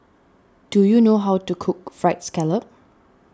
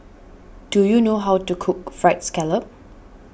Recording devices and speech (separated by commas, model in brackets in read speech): standing microphone (AKG C214), boundary microphone (BM630), read sentence